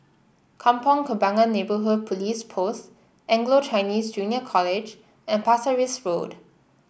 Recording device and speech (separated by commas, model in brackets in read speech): boundary microphone (BM630), read sentence